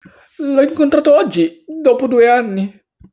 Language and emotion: Italian, sad